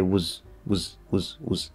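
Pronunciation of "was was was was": Each 'was' is said unstressed, the way it sounds when speaking quickly.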